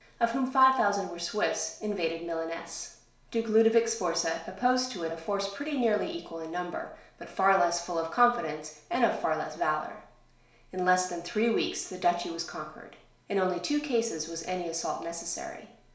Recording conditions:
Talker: one person; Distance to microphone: 1.0 m; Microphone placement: close; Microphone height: 1.1 m; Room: small (3.7 m by 2.7 m); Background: none

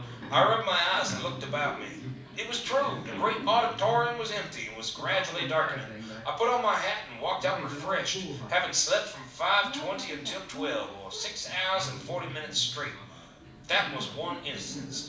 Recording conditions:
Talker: one person; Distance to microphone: 5.8 m; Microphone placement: far; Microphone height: 1.8 m; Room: medium-sized (5.7 m by 4.0 m); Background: television

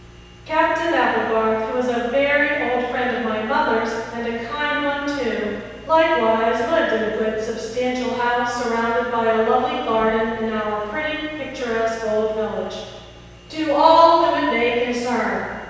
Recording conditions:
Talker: one person; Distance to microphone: 7.1 m; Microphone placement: far; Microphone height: 1.7 m; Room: very reverberant, large; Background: none

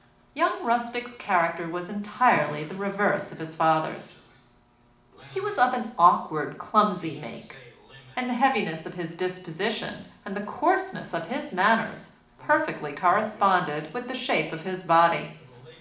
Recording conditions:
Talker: one person; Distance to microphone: 2.0 m; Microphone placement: close; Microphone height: 99 cm; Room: medium-sized (5.7 m by 4.0 m); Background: television

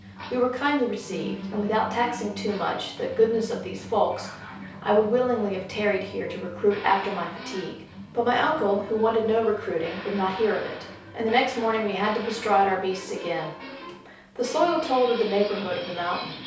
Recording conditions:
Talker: one person; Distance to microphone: 3.0 m; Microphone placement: far; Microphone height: 1.8 m; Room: small (3.7 m by 2.7 m); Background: television

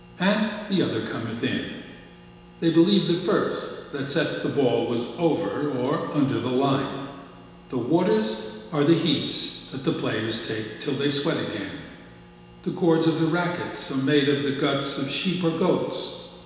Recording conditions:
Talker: one person; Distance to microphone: 1.7 m; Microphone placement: close; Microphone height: 1.0 m; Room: very reverberant, large; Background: none

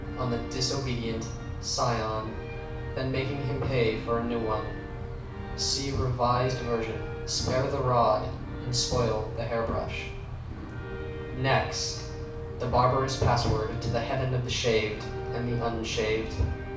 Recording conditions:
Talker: one person; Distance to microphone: 5.8 m; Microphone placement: far; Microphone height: 1.8 m; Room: medium-sized (5.7 m by 4.0 m); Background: music

